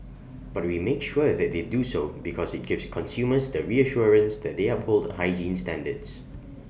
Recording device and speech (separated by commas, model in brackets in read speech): boundary microphone (BM630), read sentence